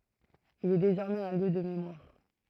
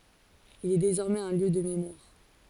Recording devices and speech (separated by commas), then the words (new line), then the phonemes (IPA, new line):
throat microphone, forehead accelerometer, read sentence
Il est désormais un lieu de mémoire.
il ɛ dezɔʁmɛz œ̃ ljø də memwaʁ